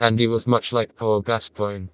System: TTS, vocoder